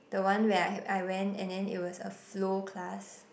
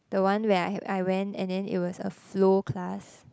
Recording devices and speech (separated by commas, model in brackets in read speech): boundary microphone, close-talking microphone, conversation in the same room